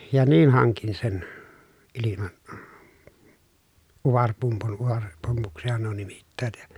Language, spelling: Finnish, ja niin hankin sen - utarepumpun utarepumpuksihan nuo nimittävät ja
- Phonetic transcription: ja niin haŋkin sen , iliman- , uvarpumpun , uvareppumpuksihan nuo nimittäät ja ,.

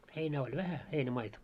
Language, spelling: Finnish, heinää oli vähän heinämaita
- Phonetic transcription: 'heinää oĺ "vähä , 'heinä'maita .

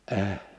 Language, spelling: Finnish, -
- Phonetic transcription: əh .

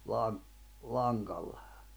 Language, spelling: Finnish, - langalla
- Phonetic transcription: laŋ- , 'laŋɢalla .

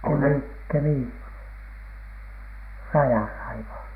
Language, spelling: Finnish, - Kemin rajalla aivan
- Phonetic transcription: Kemì- , "Kemì- , 'rajàla aivaN .

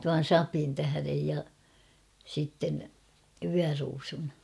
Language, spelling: Finnish, tuon sapen tähden ja sitten vyöruusun
- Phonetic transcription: tuan̬ "sapi̳n tähärej ja , sitten , 'vyäruusun .

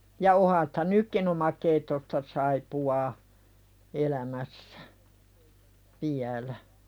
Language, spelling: Finnish, ja onhan sitä nytkin omakeittoista saippuaa elämässä vielä
- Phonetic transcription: ja 'oha sᴵtä "nykkin ‿omakeittosta saipu₍aa , 'elämässä , "viälä .

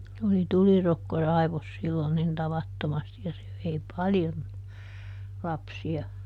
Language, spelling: Finnish, oli tulirokko raivosi silloin niin tavattomasti ja se vei paljon lapsia
- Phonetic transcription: oli "tulirokko ˈraivos sillon nin ˈtavattomasti ja se vei "paljon , ˈlapsia .

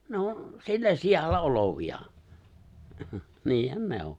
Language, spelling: Finnish, ne on sillä sijalla olevia niinhän ne on
- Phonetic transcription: 'ne on̬ , 'sillä 'sijalla 'olovi₍a , 'niihän "ne ‿o .

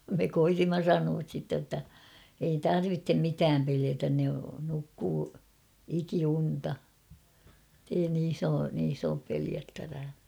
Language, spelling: Finnish, me koetimme sanoa sitten että ei tarvitse mitään pelätä ne nukkuu ikiunta että ei niissä ole niissä ole pelättävää
- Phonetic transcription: me 'koitimma "sanuas sitte ᵊttä , ei "tarvittem 'mitääm peliätän ne nukkuu , 'ikiunta , [et]tei 'niis ‿oo , niis ‿oop 'peliättävää .

